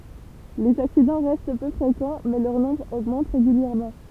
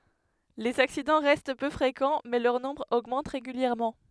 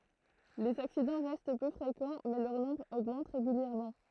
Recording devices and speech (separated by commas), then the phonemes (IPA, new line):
temple vibration pickup, headset microphone, throat microphone, read sentence
lez aksidɑ̃ ʁɛst pø fʁekɑ̃ mɛ lœʁ nɔ̃bʁ oɡmɑ̃t ʁeɡyljɛʁmɑ̃